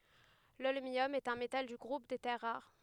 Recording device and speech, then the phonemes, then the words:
headset microphone, read sentence
lɔlmjɔm ɛt œ̃ metal dy ɡʁup de tɛʁ ʁaʁ
L'holmium est un métal du groupe des terres rares.

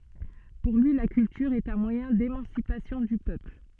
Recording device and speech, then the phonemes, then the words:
soft in-ear microphone, read sentence
puʁ lyi la kyltyʁ ɛt œ̃ mwajɛ̃ demɑ̃sipasjɔ̃ dy pøpl
Pour lui, la culture est un moyen d'émancipation du peuple.

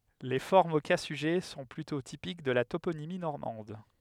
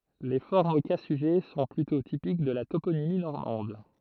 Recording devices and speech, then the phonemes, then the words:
headset microphone, throat microphone, read sentence
le fɔʁmz o ka syʒɛ sɔ̃ plytɔ̃ tipik də la toponimi nɔʁmɑ̃d
Les formes au cas sujet sont plutôt typiques de la toponymie normande.

